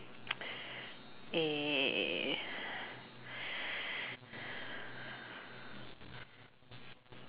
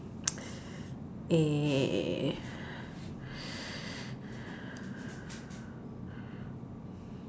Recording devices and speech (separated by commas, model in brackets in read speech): telephone, standing microphone, conversation in separate rooms